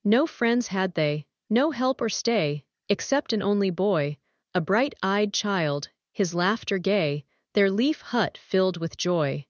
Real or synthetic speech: synthetic